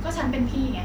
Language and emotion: Thai, frustrated